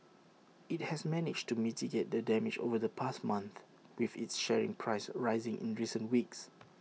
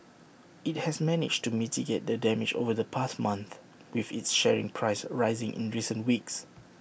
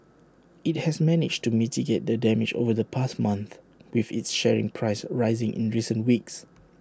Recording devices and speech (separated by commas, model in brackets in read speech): mobile phone (iPhone 6), boundary microphone (BM630), standing microphone (AKG C214), read sentence